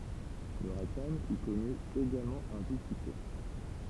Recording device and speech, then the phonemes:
temple vibration pickup, read sentence
lə ʁaɡtajm i kɔny eɡalmɑ̃ œ̃ vif syksɛ

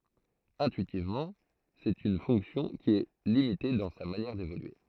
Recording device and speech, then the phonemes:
throat microphone, read sentence
ɛ̃tyitivmɑ̃ sɛt yn fɔ̃ksjɔ̃ ki ɛ limite dɑ̃ sa manjɛʁ devolye

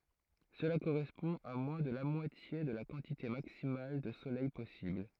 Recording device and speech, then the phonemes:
throat microphone, read sentence
səla koʁɛspɔ̃ a mwɛ̃ də la mwatje də la kɑ̃tite maksimal də solɛj pɔsibl

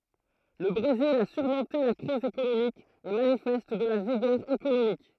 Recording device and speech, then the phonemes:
throat microphone, read sentence
lə bʁezil a syʁmɔ̃te la kʁiz ekonomik e manifɛst də la viɡœʁ ekonomik

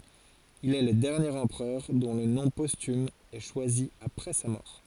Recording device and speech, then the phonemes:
forehead accelerometer, read sentence
il ɛ lə dɛʁnjeʁ ɑ̃pʁœʁ dɔ̃ lə nɔ̃ postym ɛ ʃwazi apʁɛ sa mɔʁ

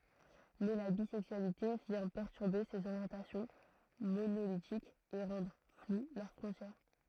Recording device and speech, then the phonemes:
throat microphone, read sentence
mɛ la bizɛksyalite vjɛ̃ pɛʁtyʁbe sez oʁjɑ̃tasjɔ̃ monolitikz e ʁɑ̃dʁ flw lœʁ fʁɔ̃tjɛʁ

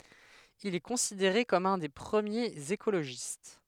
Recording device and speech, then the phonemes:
headset microphone, read sentence
il ɛ kɔ̃sideʁe kɔm œ̃ de pʁəmjez ekoloʒist

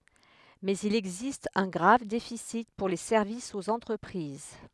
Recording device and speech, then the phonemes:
headset microphone, read sentence
mɛz il ɛɡzist œ̃ ɡʁav defisi puʁ le sɛʁvisz oz ɑ̃tʁəpʁiz

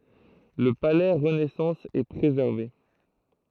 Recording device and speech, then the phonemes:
throat microphone, read sentence
lə palɛ ʁənɛsɑ̃s ɛ pʁezɛʁve

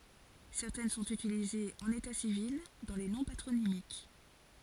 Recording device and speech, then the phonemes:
forehead accelerometer, read sentence
sɛʁtɛn sɔ̃t ytilizez ɑ̃n eta sivil dɑ̃ le nɔ̃ patʁonimik

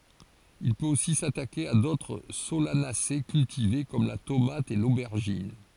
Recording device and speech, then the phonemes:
forehead accelerometer, read sentence
il pøt osi satake a dotʁ solanase kyltive kɔm la tomat e lobɛʁʒin

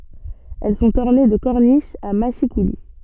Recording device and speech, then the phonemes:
soft in-ear microphone, read sentence
ɛl sɔ̃t ɔʁne də kɔʁniʃz a maʃikuli

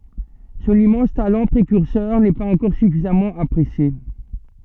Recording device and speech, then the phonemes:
soft in-ear microphone, read sentence
sɔ̃n immɑ̃s talɑ̃ pʁekyʁsœʁ nɛ paz ɑ̃kɔʁ syfizamɑ̃ apʁesje

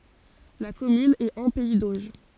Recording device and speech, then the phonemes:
forehead accelerometer, read sentence
la kɔmyn ɛt ɑ̃ pɛi doʒ

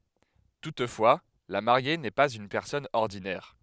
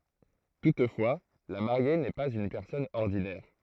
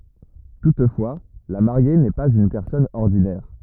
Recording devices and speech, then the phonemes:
headset microphone, throat microphone, rigid in-ear microphone, read sentence
tutfwa la maʁje nɛ paz yn pɛʁsɔn ɔʁdinɛʁ

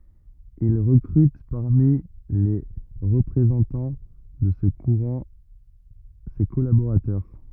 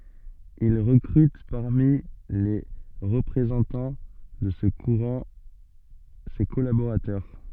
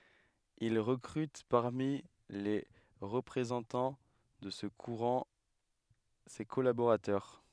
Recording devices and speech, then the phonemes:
rigid in-ear microphone, soft in-ear microphone, headset microphone, read sentence
il ʁəkʁyt paʁmi le ʁəpʁezɑ̃tɑ̃ də sə kuʁɑ̃ se kɔlaboʁatœʁ

